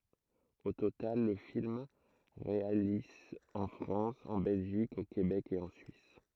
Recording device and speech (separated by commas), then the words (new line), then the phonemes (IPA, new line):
throat microphone, read sentence
Au total, le film réalise en France, en Belgique, au Québec et en Suisse.
o total lə film ʁealiz ɑ̃ fʁɑ̃s ɑ̃ bɛlʒik o kebɛk e ɑ̃ syis